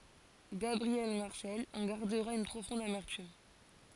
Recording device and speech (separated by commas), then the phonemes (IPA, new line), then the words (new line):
forehead accelerometer, read sentence
ɡabʁiɛl maʁsɛl ɑ̃ ɡaʁdəʁa yn pʁofɔ̃d amɛʁtym
Gabriel Marcel en gardera une profonde amertume.